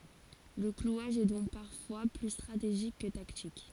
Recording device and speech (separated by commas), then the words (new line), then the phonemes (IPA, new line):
forehead accelerometer, read sentence
Le clouage est donc parfois plus stratégique que tactique.
lə klwaʒ ɛ dɔ̃k paʁfwa ply stʁateʒik kə taktik